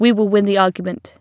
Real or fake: real